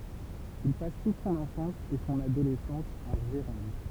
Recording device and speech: temple vibration pickup, read sentence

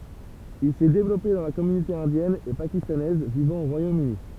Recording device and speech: temple vibration pickup, read sentence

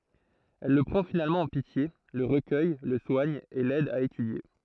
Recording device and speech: throat microphone, read sentence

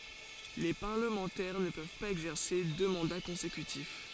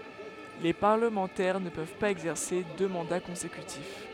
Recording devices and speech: forehead accelerometer, headset microphone, read sentence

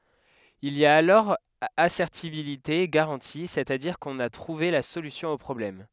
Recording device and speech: headset microphone, read sentence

